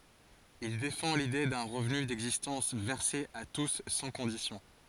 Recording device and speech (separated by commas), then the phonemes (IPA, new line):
forehead accelerometer, read sentence
il defɑ̃ lide dœ̃ ʁəvny dɛɡzistɑ̃s vɛʁse a tus sɑ̃ kɔ̃disjɔ̃